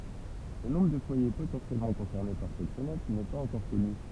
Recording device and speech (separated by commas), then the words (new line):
temple vibration pickup, read sentence
Le nombre de foyer potentiellement concernés par cette fenêtre n'est pas encore connu.